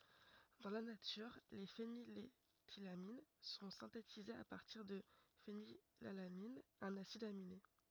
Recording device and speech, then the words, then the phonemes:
rigid in-ear microphone, read sentence
Dans la nature, les phényléthylamines sont synthétisées à partir de phénylalanine, un acide aminé.
dɑ̃ la natyʁ le feniletilamin sɔ̃ sɛ̃tetizez a paʁtiʁ də fenilalanin œ̃n asid amine

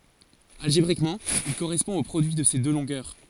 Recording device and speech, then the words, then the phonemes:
forehead accelerometer, read sentence
Algébriquement, il correspond au produit de ces deux longueurs.
alʒebʁikmɑ̃ il koʁɛspɔ̃ o pʁodyi də se dø lɔ̃ɡœʁ

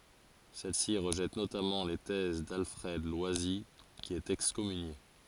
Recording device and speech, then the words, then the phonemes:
forehead accelerometer, read sentence
Celle-ci rejette notamment les thèses d'Alfred Loisy qui est excommunié.
sɛl si ʁəʒɛt notamɑ̃ le tɛz dalfʁɛd lwazi ki ɛt ɛkskɔmynje

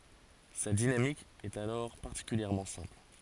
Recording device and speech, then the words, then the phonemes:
forehead accelerometer, read sentence
Sa dynamique est alors particulièrement simple.
sa dinamik ɛt alɔʁ paʁtikyljɛʁmɑ̃ sɛ̃pl

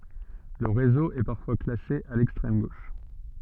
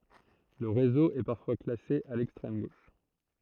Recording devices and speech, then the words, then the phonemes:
soft in-ear microphone, throat microphone, read sentence
Le réseau est parfois classé à l'extrême gauche.
lə ʁezo ɛ paʁfwa klase a lɛkstʁɛm ɡoʃ

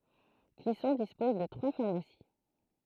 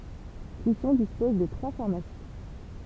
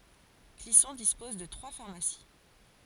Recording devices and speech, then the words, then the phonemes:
throat microphone, temple vibration pickup, forehead accelerometer, read sentence
Clisson dispose de trois pharmacies.
klisɔ̃ dispɔz də tʁwa faʁmasi

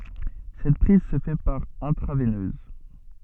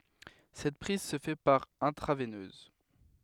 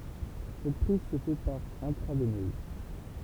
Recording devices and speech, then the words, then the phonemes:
soft in-ear microphone, headset microphone, temple vibration pickup, read sentence
Cette prise se fait par intraveineuse.
sɛt pʁiz sə fɛ paʁ ɛ̃tʁavɛnøz

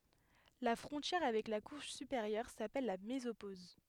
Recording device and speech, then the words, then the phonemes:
headset microphone, read sentence
La frontière avec la couche supérieure s'appelle la mésopause.
la fʁɔ̃tjɛʁ avɛk la kuʃ sypeʁjœʁ sapɛl la mezopoz

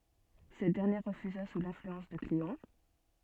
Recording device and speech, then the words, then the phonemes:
soft in-ear microphone, read sentence
Cette dernière refusa sous l'influence de Cléon.
sɛt dɛʁnjɛʁ ʁəfyza su lɛ̃flyɑ̃s də kleɔ̃

